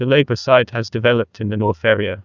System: TTS, neural waveform model